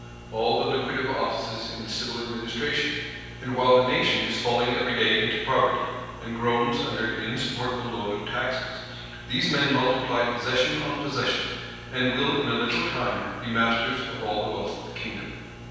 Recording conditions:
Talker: one person; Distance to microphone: 7.1 m; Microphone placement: far; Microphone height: 1.7 m; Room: very reverberant, large; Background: none

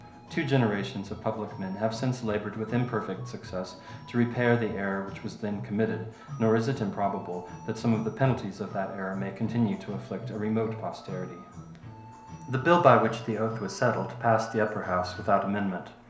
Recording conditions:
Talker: one person; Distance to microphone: 1.0 m; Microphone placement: close; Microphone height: 1.1 m; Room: small (3.7 m by 2.7 m); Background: music

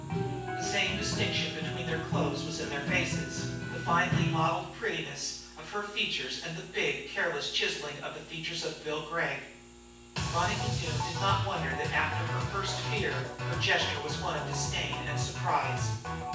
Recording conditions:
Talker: one person; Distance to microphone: 9.8 m; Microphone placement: far; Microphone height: 1.8 m; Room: large; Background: music

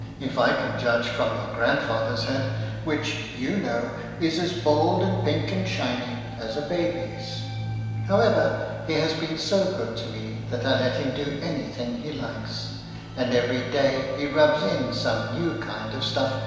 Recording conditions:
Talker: one person; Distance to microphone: 1.7 m; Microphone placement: close; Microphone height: 1.0 m; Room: very reverberant, large; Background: music

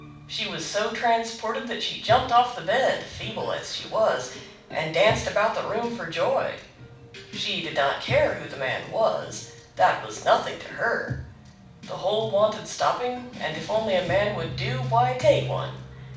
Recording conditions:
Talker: one person; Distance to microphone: 5.8 m; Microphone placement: far; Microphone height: 1.8 m; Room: medium-sized (5.7 m by 4.0 m); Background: music

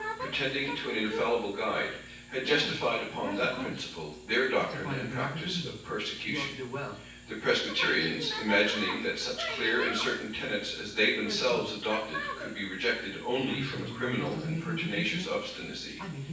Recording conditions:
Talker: one person; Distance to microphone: 9.8 m; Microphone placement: far; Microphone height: 1.8 m; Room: large; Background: television

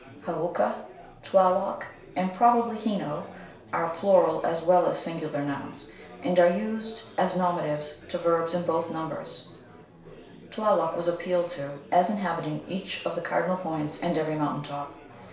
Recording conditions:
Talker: one person; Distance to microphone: 1.0 m; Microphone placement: close; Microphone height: 1.1 m; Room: small (3.7 m by 2.7 m); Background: babble

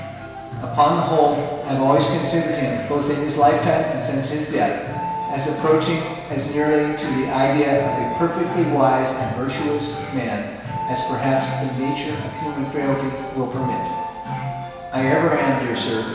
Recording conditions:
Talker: one person; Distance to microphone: 1.7 m; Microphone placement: close; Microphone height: 1.0 m; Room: very reverberant, large; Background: music

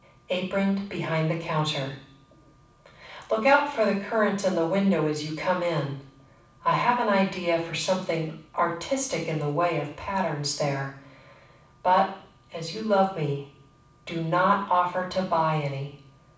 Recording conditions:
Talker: one person; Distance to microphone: 5.8 m; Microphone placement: far; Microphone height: 1.8 m; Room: medium-sized (5.7 m by 4.0 m); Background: none

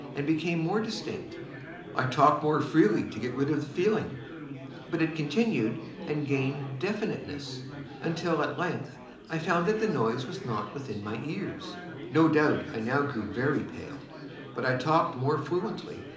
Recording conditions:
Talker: one person; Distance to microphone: 2.0 m; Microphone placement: close; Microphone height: 99 cm; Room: medium-sized (5.7 m by 4.0 m); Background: babble

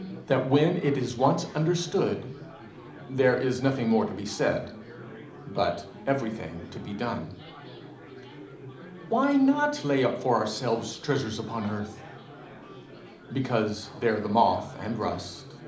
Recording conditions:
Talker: one person; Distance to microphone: 2.0 m; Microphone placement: close; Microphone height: 99 cm; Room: medium-sized (5.7 m by 4.0 m); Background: babble

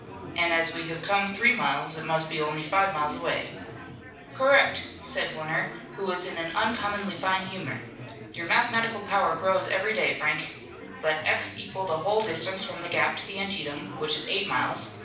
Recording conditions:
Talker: one person; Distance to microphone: 5.8 m; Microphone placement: far; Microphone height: 1.8 m; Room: medium-sized (5.7 m by 4.0 m); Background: babble

